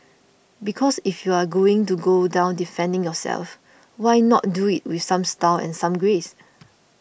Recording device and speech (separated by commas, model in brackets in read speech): boundary microphone (BM630), read sentence